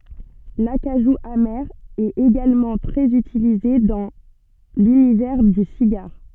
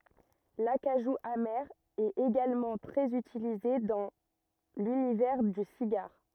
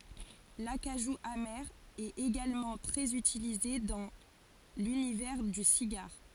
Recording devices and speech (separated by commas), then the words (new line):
soft in-ear microphone, rigid in-ear microphone, forehead accelerometer, read sentence
L'acajou amer est également très utilisé dans l'univers du cigare.